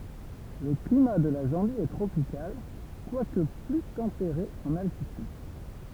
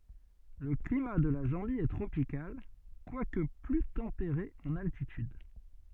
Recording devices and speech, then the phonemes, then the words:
temple vibration pickup, soft in-ear microphone, read sentence
lə klima də la zɑ̃bi ɛ tʁopikal kwak ply tɑ̃peʁe ɑ̃n altityd
Le climat de la Zambie est tropical, quoique plus tempéré en altitude.

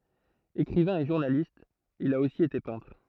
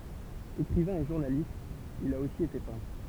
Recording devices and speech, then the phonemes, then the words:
throat microphone, temple vibration pickup, read sentence
ekʁivɛ̃ e ʒuʁnalist il a osi ete pɛ̃tʁ
Écrivain et journaliste, il a aussi été peintre.

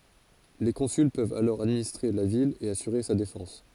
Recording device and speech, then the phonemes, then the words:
forehead accelerometer, read sentence
le kɔ̃syl pøvt alɔʁ administʁe la vil e asyʁe sa defɑ̃s
Les consuls peuvent alors administrer la ville et assurer sa défense.

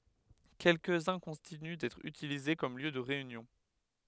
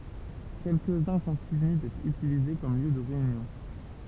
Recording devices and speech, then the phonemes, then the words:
headset microphone, temple vibration pickup, read sentence
kɛlkəzœ̃ kɔ̃tiny dɛtʁ ytilize kɔm ljø də ʁeynjɔ̃
Quelques-uns continuent d'être utilisés comme lieu de réunion.

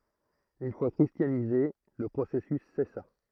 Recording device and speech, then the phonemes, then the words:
throat microphone, read sentence
yn fwa kʁistjanize lə pʁosɛsys sɛsa
Une fois christianisés, le processus cessa.

